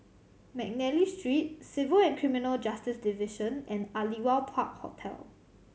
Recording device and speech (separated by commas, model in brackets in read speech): mobile phone (Samsung C7100), read sentence